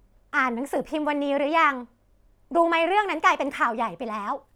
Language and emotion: Thai, frustrated